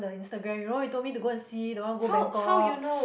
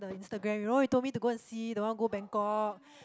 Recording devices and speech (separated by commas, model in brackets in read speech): boundary microphone, close-talking microphone, conversation in the same room